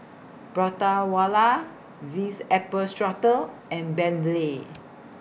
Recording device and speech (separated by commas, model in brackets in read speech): boundary microphone (BM630), read sentence